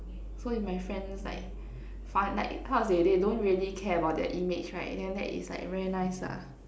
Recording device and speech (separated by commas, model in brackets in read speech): standing microphone, conversation in separate rooms